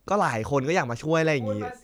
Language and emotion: Thai, frustrated